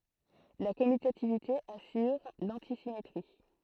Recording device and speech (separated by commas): throat microphone, read sentence